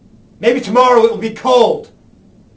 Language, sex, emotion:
English
male
angry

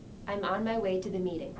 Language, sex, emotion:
English
female
neutral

